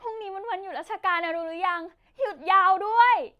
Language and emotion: Thai, happy